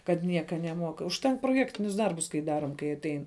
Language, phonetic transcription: Lithuanian, kad ˈnieka neˈmuok užˈtenk proˈjektinius ˈdarbus kai ˈdarom kai aˈtein

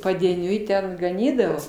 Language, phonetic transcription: Lithuanian, padieˈniui ˈten gaˈnydavo

